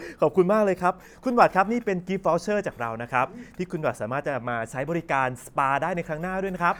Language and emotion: Thai, happy